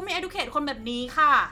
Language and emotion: Thai, frustrated